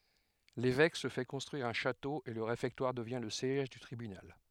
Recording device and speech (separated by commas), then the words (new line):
headset microphone, read sentence
L'évêque se fait construire un château et le réfectoire devient le siège du tribunal.